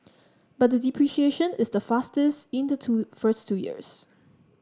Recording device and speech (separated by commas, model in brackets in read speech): standing microphone (AKG C214), read sentence